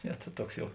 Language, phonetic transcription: Lithuanian, ˈne ta ˈtuoks ˈjau

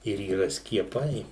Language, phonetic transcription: Lithuanian, ir yˈra skieˈpai

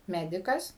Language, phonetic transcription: Lithuanian, ˈmedikas

